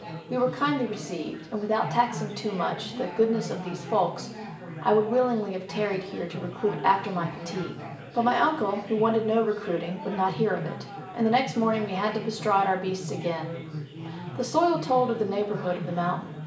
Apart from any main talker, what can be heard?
Crowd babble.